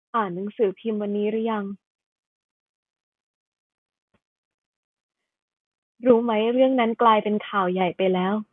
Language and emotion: Thai, sad